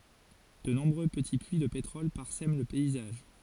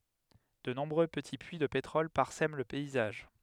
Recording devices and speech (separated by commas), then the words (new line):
forehead accelerometer, headset microphone, read sentence
De nombreux petits puits de pétrole parsèment le paysage.